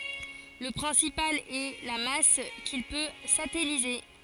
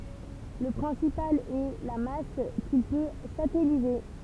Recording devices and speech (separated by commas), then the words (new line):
forehead accelerometer, temple vibration pickup, read sentence
Le principal est la masse qu'il peut satelliser.